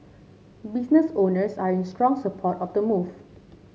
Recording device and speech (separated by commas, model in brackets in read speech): mobile phone (Samsung C7), read sentence